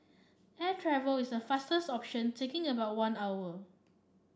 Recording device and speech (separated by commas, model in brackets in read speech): standing microphone (AKG C214), read sentence